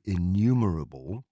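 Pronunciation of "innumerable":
'innumerable' is said with an English pronunciation, not the way Americans say it.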